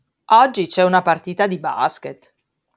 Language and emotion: Italian, surprised